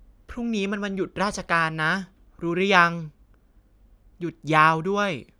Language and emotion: Thai, neutral